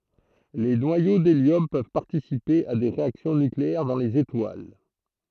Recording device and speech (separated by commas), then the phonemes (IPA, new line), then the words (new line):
throat microphone, read sentence
le nwajo deljɔm pøv paʁtisipe a de ʁeaksjɔ̃ nykleɛʁ dɑ̃ lez etwal
Les noyaux d'hélium peuvent participer à des réactions nucléaires dans les étoiles.